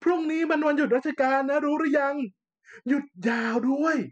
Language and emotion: Thai, happy